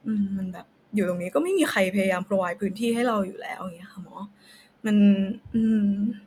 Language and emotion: Thai, frustrated